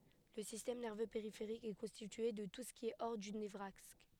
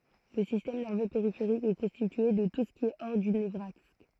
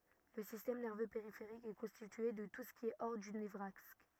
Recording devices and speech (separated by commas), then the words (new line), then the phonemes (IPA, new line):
headset microphone, throat microphone, rigid in-ear microphone, read sentence
Le système nerveux périphérique est constitué de tout ce qui est hors du nevraxe.
lə sistɛm nɛʁvø peʁifeʁik ɛ kɔ̃stitye də tu sə ki ɛ ɔʁ dy nəvʁaks